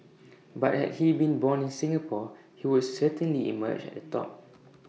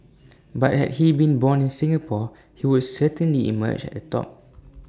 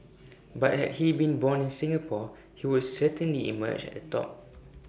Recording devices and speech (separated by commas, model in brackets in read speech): mobile phone (iPhone 6), standing microphone (AKG C214), boundary microphone (BM630), read sentence